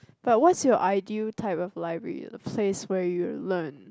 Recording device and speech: close-talking microphone, conversation in the same room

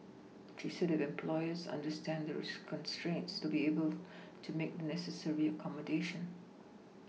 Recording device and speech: mobile phone (iPhone 6), read sentence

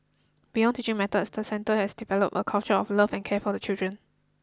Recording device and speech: close-talking microphone (WH20), read sentence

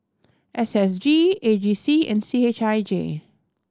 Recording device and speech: standing microphone (AKG C214), read sentence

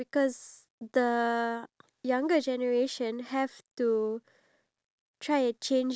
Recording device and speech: standing microphone, conversation in separate rooms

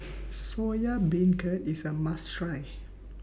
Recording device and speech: boundary microphone (BM630), read sentence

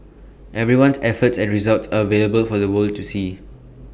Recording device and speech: boundary microphone (BM630), read sentence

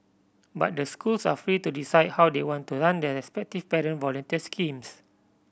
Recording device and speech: boundary microphone (BM630), read sentence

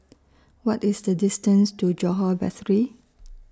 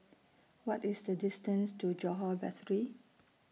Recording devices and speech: standing microphone (AKG C214), mobile phone (iPhone 6), read sentence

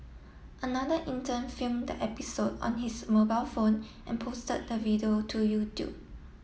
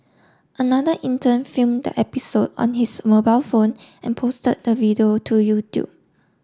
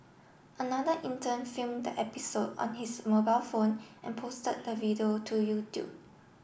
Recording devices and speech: mobile phone (iPhone 7), standing microphone (AKG C214), boundary microphone (BM630), read sentence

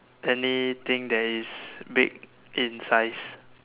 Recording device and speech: telephone, conversation in separate rooms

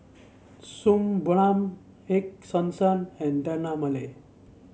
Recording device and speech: mobile phone (Samsung C7), read sentence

